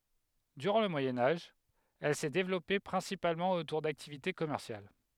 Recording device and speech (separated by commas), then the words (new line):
headset microphone, read sentence
Durant le Moyen Âge, elle s'est développée principalement autour d'activités commerciales.